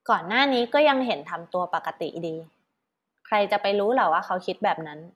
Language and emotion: Thai, neutral